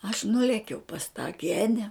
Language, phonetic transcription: Lithuanian, aš ˈnulėkiau pas tą ˈgene

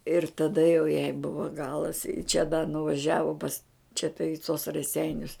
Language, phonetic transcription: Lithuanian, ir taˈda jau jai ˈbuvo ˈgalas i čia da nuvaˈžiavo pas čia ta i tos raˈseinius

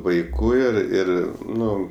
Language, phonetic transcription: Lithuanian, vaiˈkų ir ˈir ˈnu

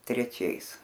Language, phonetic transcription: Lithuanian, treˈčiais

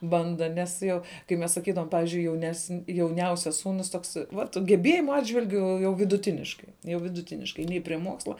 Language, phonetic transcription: Lithuanian, ˈbanda nes ˈjo kai ˈmes saˈkydavom ˈpavyzdžiui jaunesn jauˈniausias ˈsūnus ˈtoks ˈvat geˈbėjimu ˈatžvilgiu ˈjau viduˈtiniškai jau viduˈtiniškai ˈnei prie ˈmuoksla

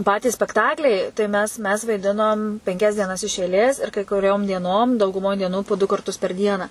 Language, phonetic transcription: Lithuanian, ˈpatys spekˈtakliai tai ˈmes mes vaiˈdinom penˈkias dieˈnas iš eiˈlės ir kai kuˈriom dieˈnom dauguˈmoj dieˈnų po du karˈtus per ˈdieną

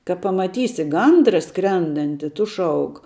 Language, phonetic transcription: Lithuanian, ka pamaˈtysi ˈgandra ˈskrendanti ˈtu ˈšauk

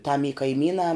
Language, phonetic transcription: Lithuanian, tam y kaiˈmynā

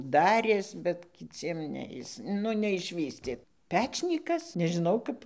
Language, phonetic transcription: Lithuanian, ˈdarės bet kiˈciem ˈne ˈjis ˈnu neišˈvystė ˈpečnykas nežiˈnau ˈkap

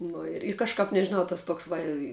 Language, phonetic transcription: Lithuanian, ˈnu ir ir kažˈkap nežiˈnau tas ˈtoks ˈva i

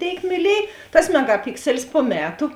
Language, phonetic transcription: Lithuanian, ˈtėik myˈliej tas megaˈpikselis po ˈmetu

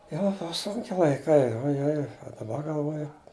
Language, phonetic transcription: Lithuanian, ˈjo ˈbuva ˈsunki laiˈkai ojˈoj o daˈba galˈvoju

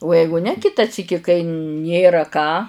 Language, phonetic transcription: Lithuanian, o ˈjeigu ne ˈkita ˈsyki kai ˈnėra ką

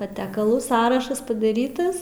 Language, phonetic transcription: Lithuanian, paˈtekalų ˈsąrašas padaˈrytas

